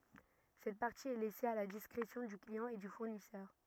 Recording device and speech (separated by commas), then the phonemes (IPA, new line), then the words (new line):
rigid in-ear microphone, read sentence
sɛt paʁti ɛ lɛse a la diskʁesjɔ̃ dy kliɑ̃ e dy fuʁnisœʁ
Cette partie est laissée à la discrétion du client et du fournisseur.